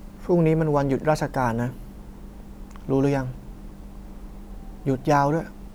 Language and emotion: Thai, frustrated